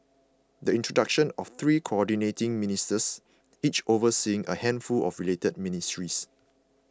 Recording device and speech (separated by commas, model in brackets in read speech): close-talking microphone (WH20), read sentence